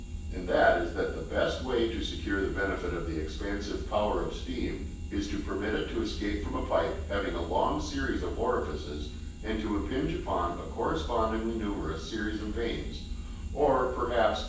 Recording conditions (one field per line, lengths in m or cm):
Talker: one person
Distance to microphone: 9.8 m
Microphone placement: far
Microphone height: 1.8 m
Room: large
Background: none